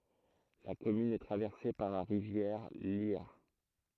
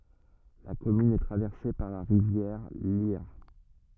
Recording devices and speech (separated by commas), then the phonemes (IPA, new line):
throat microphone, rigid in-ear microphone, read sentence
la kɔmyn ɛ tʁavɛʁse paʁ la ʁivjɛʁ ljɛʁ